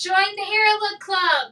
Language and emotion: English, neutral